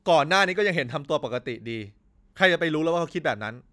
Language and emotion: Thai, angry